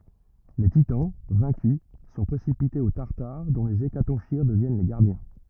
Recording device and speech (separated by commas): rigid in-ear microphone, read sentence